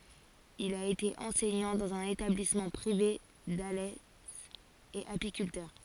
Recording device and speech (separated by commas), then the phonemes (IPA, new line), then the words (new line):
forehead accelerometer, read sentence
il a ete ɑ̃sɛɲɑ̃ dɑ̃z œ̃n etablismɑ̃ pʁive dalɛ e apikyltœʁ
Il a été enseignant dans un établissement privé d'Alès, et apiculteur.